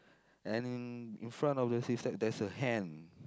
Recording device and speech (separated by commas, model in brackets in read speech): close-talking microphone, conversation in the same room